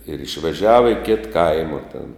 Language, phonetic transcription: Lithuanian, ir išveˈžiava i kit ˈkaima tėn

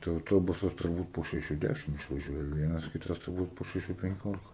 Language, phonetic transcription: Lithuanian, tai auˈtobusas turˈbūt po šeˈšių ˈdæšim išvaˈžiuoja ˈvienas ˈkitas turˈbūt po šeˈšių penˈkiolika

